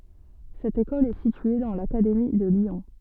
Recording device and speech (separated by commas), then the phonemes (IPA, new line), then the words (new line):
soft in-ear microphone, read sentence
sɛt ekɔl ɛ sitye dɑ̃ lakademi də ljɔ̃
Cette école est située dans l'académie de Lyon.